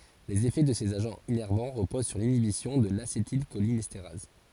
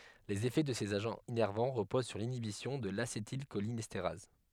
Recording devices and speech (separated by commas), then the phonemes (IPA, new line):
forehead accelerometer, headset microphone, read sentence
lez efɛ də sez aʒɑ̃z inɛʁvɑ̃ ʁəpoz syʁ linibisjɔ̃ də lasetilʃolinɛsteʁaz